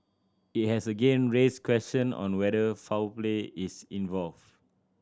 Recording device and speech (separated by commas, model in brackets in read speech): standing microphone (AKG C214), read sentence